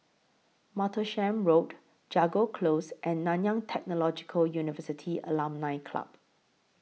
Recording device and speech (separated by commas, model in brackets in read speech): mobile phone (iPhone 6), read sentence